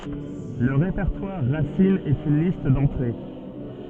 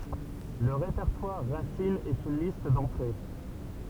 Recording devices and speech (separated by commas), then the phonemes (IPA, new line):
soft in-ear microphone, temple vibration pickup, read sentence
lə ʁepɛʁtwaʁ ʁasin ɛt yn list dɑ̃tʁe